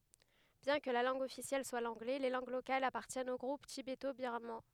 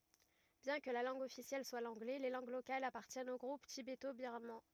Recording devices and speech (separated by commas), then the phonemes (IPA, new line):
headset microphone, rigid in-ear microphone, read sentence
bjɛ̃ kə la lɑ̃ɡ ɔfisjɛl swa lɑ̃ɡlɛ le lɑ̃ɡ lokalz apaʁtjɛnt o ɡʁup tibeto biʁmɑ̃